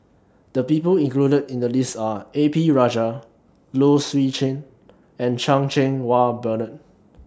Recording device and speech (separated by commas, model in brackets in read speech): standing microphone (AKG C214), read sentence